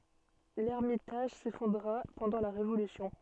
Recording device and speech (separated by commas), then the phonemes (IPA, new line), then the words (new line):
soft in-ear microphone, read sentence
lɛʁmitaʒ sefɔ̃dʁa pɑ̃dɑ̃ la ʁevolysjɔ̃
L'ermitage s'effondra pendant la Révolution.